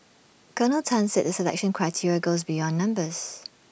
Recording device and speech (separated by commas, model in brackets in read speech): boundary microphone (BM630), read sentence